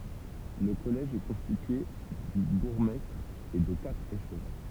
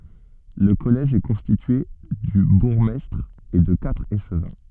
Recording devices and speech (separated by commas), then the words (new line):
temple vibration pickup, soft in-ear microphone, read sentence
Le collège est constitué du bourgmestre et de quatre échevins.